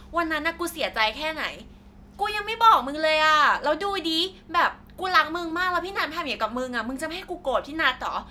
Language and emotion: Thai, angry